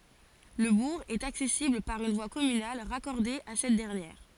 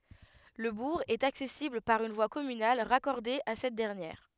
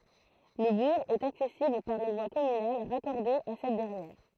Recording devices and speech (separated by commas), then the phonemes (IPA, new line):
forehead accelerometer, headset microphone, throat microphone, read sentence
lə buʁ ɛt aksɛsibl paʁ yn vwa kɔmynal ʁakɔʁde a sɛt dɛʁnjɛʁ